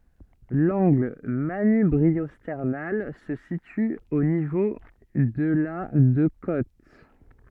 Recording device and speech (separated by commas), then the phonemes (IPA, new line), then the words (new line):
soft in-ear microphone, read sentence
lɑ̃ɡl manybʁiɔstɛʁnal sə sity o nivo də la də kot
L'angle manubriosternal se situe au niveau de la de côtes.